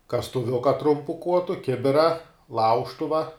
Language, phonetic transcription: Lithuanian, kastuˈviuka ˈtrumpu ˈkuotu ˈkibira ˈlaužtuva

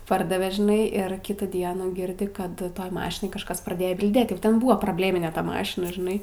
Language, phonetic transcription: Lithuanian, ˈpardave žiˈnai ir ˈkitų ˈdienų ˈgirdi ˈkad ˈtoj ˈmašinoj kažˈkas praˈdėjo bilˈdėt ˈjau ˈten ˈbua probˈlėmine ˈta ˈmašina žiˈnai

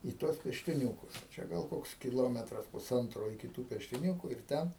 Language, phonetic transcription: Lithuanian, i tuos peštiˈniūkus ˈčia gal ˈkoks kiˈlometras puˈsantro iki tų peštiˈniūku ir ˈten

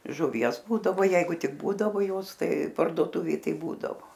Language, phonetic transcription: Lithuanian, žuˈvies ˈbūdavo ˈjeigu ˈtik ˈbūdavo ˈjos ˈtai pardoˈtuvėj ˈtaip ˈbūdavo

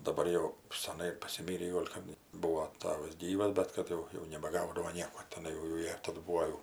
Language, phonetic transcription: Lithuanian, daˈbar jau seˈnai pasiˈmyrį ˈgol' kap ˈbuo ˈtavas ˈgyvas ˈbet kad jau jau nebaˈgaudavo ˈnieko teˈnai jau jau ˈjie ˈtadu ˈbūo jau

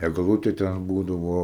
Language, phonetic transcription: Lithuanian, egˈlutė ten ˈbūdavo

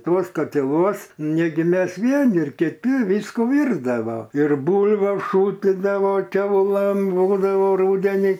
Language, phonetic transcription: Lithuanian, ˈtuos katiˈluos ˈnegi ˈmes ˈvieni kiˈti ˈvyskų ˈvyrdava ir ˈbūlviu ˈšūtidavo ˈkiaulɘm ˈbūdavo ˈrūdenį

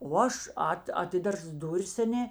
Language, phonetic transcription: Lithuanian, o ˈaš ˈat aˈtidars ˈduris aˈnė

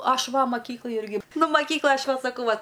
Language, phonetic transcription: Lithuanian, ˈaš ˈva maˈkyklaj ˈirgi ˈnu maˈkyklaj ˈaš ˈvat saˈkau ˈvat

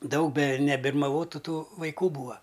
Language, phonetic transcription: Lithuanian, ˈdaug be nebirmaˈvotu ˈtų vaiˈkų ˈbūa

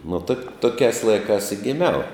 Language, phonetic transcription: Lithuanian, nu tak ˈtokiās ˈlaikās i giˈmiau

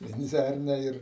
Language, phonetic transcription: Lithuanian, venˈdzærnia ir

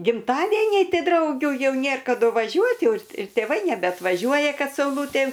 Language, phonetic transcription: Lithuanian, gimˈtadėniai ˈti ˈdraugių ˈjau ˈnėr kaˈdu vaˈžiuot' ˈjau ir tėˈvai nebeatvaˈžiuoja ˈ kad sauˈlūtė

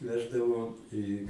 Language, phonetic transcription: Lithuanian, ˈveždavo į

